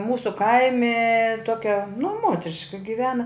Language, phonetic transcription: Lithuanian, ˈmūsu ˈkaimi ˈtokia nu ˈmotriška giˈvena

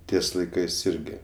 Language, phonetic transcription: Lithuanian, ˈties laiˈkɜs ˈirgi

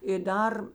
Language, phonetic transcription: Lithuanian, i ˈdar

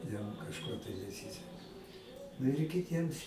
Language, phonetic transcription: Lithuanian, ˈjam kažˈko tai neˈsyseka nu ir kiˈtiems

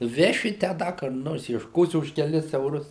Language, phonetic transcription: Lithuanian, ˈveši tę ˈda kur ˈnors iešˈkosi už keˈlis euˈrus

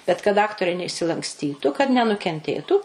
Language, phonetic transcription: Lithuanian, bet kad ˈaktoriai neišsilanksˈtytu kad nenukenˈtėtų

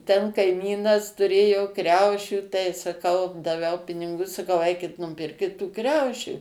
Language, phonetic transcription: Lithuanian, ten kaiˈmynas tuˈrėjo ˈkriaušių tai saˈkau daˈviau piniˈgu saˈkau ˈeikit nuˈpirkit tų ˈkriaušių

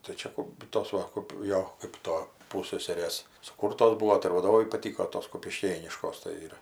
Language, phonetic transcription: Lithuanian, tai ˈčia kup ˈtos va kap ˈjo ˈkɜp to ˈpūsseserės suˈkūrtos ˈbuo tai ir vaˈdovai paˈtyko ˈtos kupiˈškėniškos tai ˈir

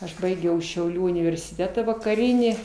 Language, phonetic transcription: Lithuanian, aš ˈbaigiau šiauˈlių universiˈteta vakaˈrynį

